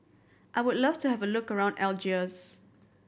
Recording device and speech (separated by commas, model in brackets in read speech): boundary microphone (BM630), read sentence